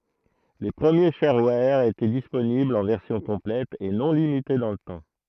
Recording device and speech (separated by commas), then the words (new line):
throat microphone, read sentence
Les premiers sharewares étaient disponibles en version complète et non limitée dans le temps.